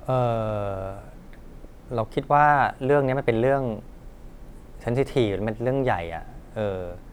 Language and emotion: Thai, neutral